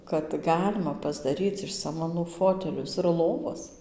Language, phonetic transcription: Lithuanian, kad ˈgalima pasdaˈryc iš samaˈnų ˈfotelius ir ˈlovas

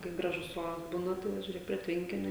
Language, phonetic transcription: Lithuanian, kai ˈgražus ˈoras ˈbūna ˈtai jau žiūˈrėk prie ˈtvenkiniu

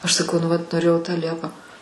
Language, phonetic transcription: Lithuanian, aš saˈkau nu vat noˈrėjau tą ˈliepą

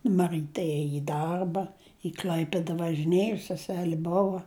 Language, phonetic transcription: Lithuanian, maˈrɨte ˈėji i ˈdarba i ˈkl'aipida važiˈnėju seˈseli ˈbova

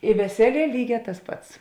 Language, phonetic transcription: Lithuanian, i veˈseˌlie ˈlyˌgē tas ˈpats

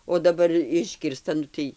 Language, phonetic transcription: Lithuanian, o daˈbar ˈiškirsta ˈnu tai

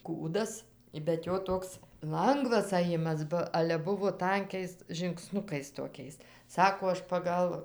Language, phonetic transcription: Lithuanian, ˈkūdas bet ˈjo ˈtoks ˈlangvas aˈjimas ˈba ˈale ˈbuvo ˈtankiais žingˈsnukais toˈkiais ˈsako ˈaš paˈgal

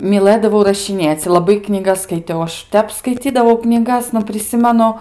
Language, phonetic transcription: Lithuanian, myˈlɘdavau rašiˈnėc' laˈbai knyˈgas skaiˈtiau aš ˈtep skaiˈcydavau knyˈgas nu priˈsimenu

